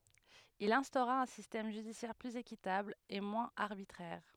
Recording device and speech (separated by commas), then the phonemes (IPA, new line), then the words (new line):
headset microphone, read sentence
il ɛ̃stoʁa œ̃ sistɛm ʒydisjɛʁ plyz ekitabl e mwɛ̃z aʁbitʁɛʁ
Il instaura un système judiciaire plus équitable et moins arbitraire.